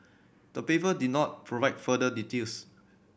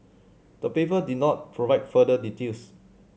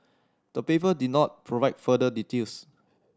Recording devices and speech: boundary microphone (BM630), mobile phone (Samsung C7100), standing microphone (AKG C214), read sentence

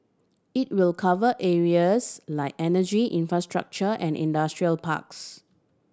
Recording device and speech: standing microphone (AKG C214), read sentence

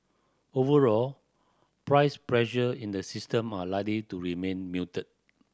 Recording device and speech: standing microphone (AKG C214), read sentence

